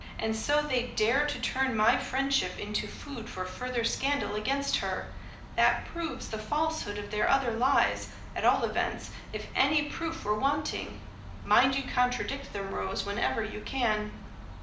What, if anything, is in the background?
Nothing.